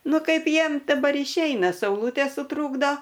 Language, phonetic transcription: Lithuanian, ˈnu ˈkaip ˈjiem daˈbar išˈeina sauˈlūtė suˈtrūkdo

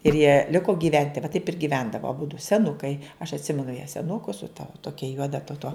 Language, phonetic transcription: Lithuanian, ir jie ˈliko gyˈventi va taip ir giˈvendavo aˈbudu seˈnukai aš atˈsimenu ją seˈnuku su ta ˈtokia ˈjuoda ta to

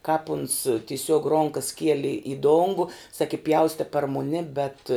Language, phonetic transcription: Lithuanian, kāp uns tiˈsiuog ˈronkas ˈkieli i ˈdongu saki ˈpjauste par muˈni bet

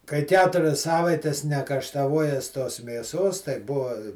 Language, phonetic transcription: Lithuanian, kai ˈketurias ˈsavaites nekaštaˈvuojes tos mėˈsos tai ˈbuva

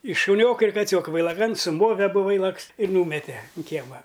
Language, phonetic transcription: Lithuanian, i šuˈnioka ir kaˈcioka vailaˈkan suˈmove aˈbu ˈvailaks ir ˈnūmetė un ˈkiema

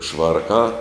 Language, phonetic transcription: Lithuanian, ˈšvarkā

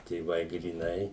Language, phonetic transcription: Lithuanian, tėˈvai gryˈnai

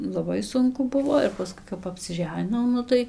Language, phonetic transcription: Lithuanian, laˈbai ˈsunku ˈbuvo ir paˈskui kap apsiˈženinau ˈnu tai

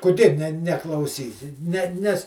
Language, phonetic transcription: Lithuanian, kuˈdė ne neklauˈsysi ne ˈnes

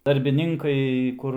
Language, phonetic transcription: Lithuanian, darbiˈninkai ˈkur

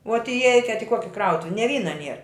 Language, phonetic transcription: Lithuanian, uot iˈeikiat i ˈkuoki ˈkrautuvi ne ˈvyna ˈnier

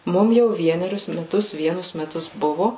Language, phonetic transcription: Lithuanian, ˈmum jau ˈvienerius meˈtus ˈvienus meˈtus ˈbuvo

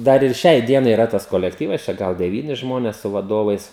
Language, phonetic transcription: Lithuanian, ˈdar ir ˈšiai ˈdienai iˈra tas kolekˈtyvas čia ˈgal deˈvyni ˈžmones su vaˈdovais

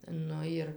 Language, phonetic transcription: Lithuanian, ˈnu ir

